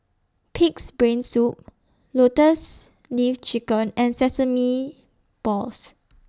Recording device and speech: standing microphone (AKG C214), read sentence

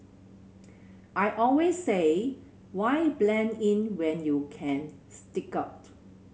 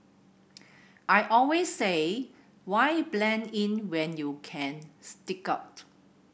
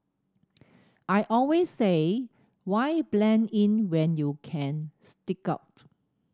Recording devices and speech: mobile phone (Samsung C7100), boundary microphone (BM630), standing microphone (AKG C214), read sentence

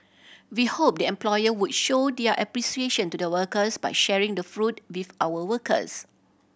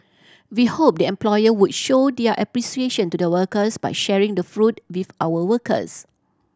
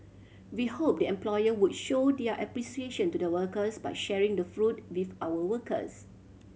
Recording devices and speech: boundary microphone (BM630), standing microphone (AKG C214), mobile phone (Samsung C7100), read sentence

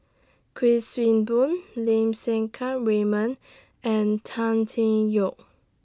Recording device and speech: standing microphone (AKG C214), read sentence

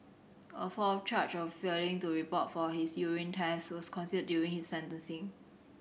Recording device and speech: boundary microphone (BM630), read sentence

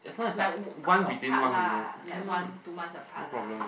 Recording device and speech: boundary microphone, conversation in the same room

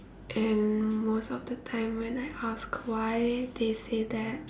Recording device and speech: standing microphone, conversation in separate rooms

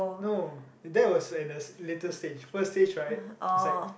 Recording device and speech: boundary microphone, conversation in the same room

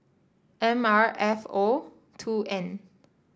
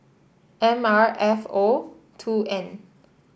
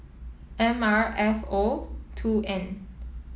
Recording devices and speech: standing microphone (AKG C214), boundary microphone (BM630), mobile phone (iPhone 7), read sentence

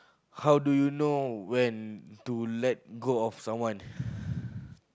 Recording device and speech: close-talking microphone, conversation in the same room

